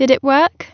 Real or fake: real